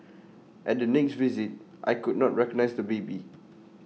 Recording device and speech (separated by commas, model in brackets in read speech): mobile phone (iPhone 6), read sentence